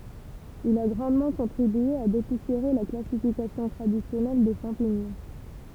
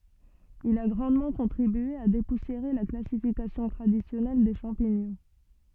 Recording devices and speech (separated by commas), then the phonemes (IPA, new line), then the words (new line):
temple vibration pickup, soft in-ear microphone, read sentence
il a ɡʁɑ̃dmɑ̃ kɔ̃tʁibye a depusjeʁe la klasifikasjɔ̃ tʁadisjɔnɛl de ʃɑ̃piɲɔ̃
Il a grandement contribué à dépoussiérer la classification traditionnelle des champignons.